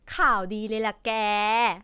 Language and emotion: Thai, happy